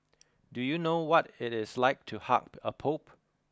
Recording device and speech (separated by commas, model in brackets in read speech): close-talking microphone (WH20), read sentence